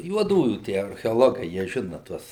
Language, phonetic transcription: Lithuanian, juoˈdųjų ˈtie archeoˈlogai jie ˈžina ˈtuos

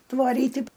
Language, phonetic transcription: Lithuanian, tvaˈryti

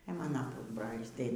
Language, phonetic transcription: Lithuanian, e ˈmana ˈpusbrolys tai

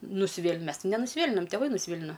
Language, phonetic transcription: Lithuanian, nusiˈvėl' ˈmes ti nenusiˈvėlinam teˈvai nusˈvėlina

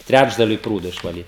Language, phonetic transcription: Lithuanian, ˈtræčdaliui ˈprūdo išvaˈlyt

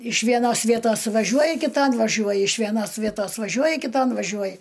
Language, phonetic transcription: Lithuanian, iš vieˈnos ˈvietos vaˈžiuoji kiˈtan vaˈžiuoji iš vieˈnos ˈvietos vaˈžiuoji kiton vaˈžiuoji

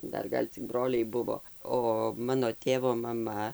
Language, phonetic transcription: Lithuanian, ˈdar ˈgal' cik ˈbroliai ˈbuvo ˈo ˈmano ˈtėvo maˈma

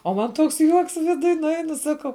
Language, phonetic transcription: Lithuanian, o ˈman ˈtoks ˈjuoks viˈduj nuˈeinu ˈsakau

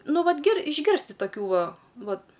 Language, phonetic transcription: Lithuanian, ˈnu ˈvat gir išˈgirsti toˈkių ˈva ˈvat

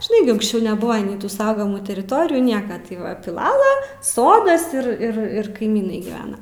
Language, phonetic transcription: Lithuanian, žiˈnai gi unksˈčiau neˈbuva nei tu ˈsaugamų teriˈtorijų ˈnieka tai ˈva piˈlala ˈsodas ir ˈir ˈir kaiˈmynai gyˈvena

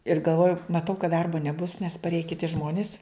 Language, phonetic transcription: Lithuanian, ir galˈvoju maˈtau kad ˈdarbo neˈbus nes parˈėja kiˈti ˈžmonis

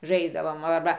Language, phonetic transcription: Lithuanian, ˈžaisdavom arˈba

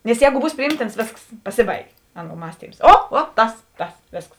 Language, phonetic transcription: Lithuanian, nes ˈjēgu ˈbūs priˈjymtins ˈvėsks paˈsiˌbaigė ˈaˌnuo ˈmąstyms ˈo ˈo ˈtas ˈtas ˈvėsks

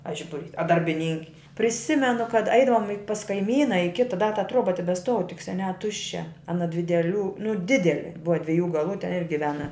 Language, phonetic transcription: Lithuanian, a ˈžibuˌrys a darbiˈninki priˈsimenu kad ˈaidavom i pas kaiˈmyna i ˈkita da ta ˈtroba tebesˈtuov tik seˈniā ˈtuščia aˈna dvi deˈlių nu ˈdideli ˈbuva dveˈjų galų ten ir giˈvena

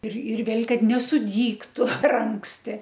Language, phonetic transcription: Lithuanian, ir ir ˈvėl' ˈkad nesuˈdygtu per ˈanksti

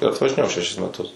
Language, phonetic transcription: Lithuanian, ir atvažiˈnėjau šeˈšis meˈtus

